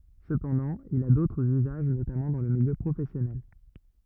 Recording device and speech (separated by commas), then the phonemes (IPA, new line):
rigid in-ear microphone, read sentence
səpɑ̃dɑ̃ il a dotʁz yzaʒ notamɑ̃ dɑ̃ lə miljø pʁofɛsjɔnɛl